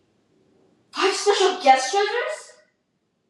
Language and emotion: English, disgusted